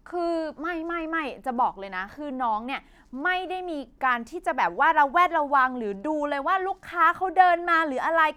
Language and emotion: Thai, frustrated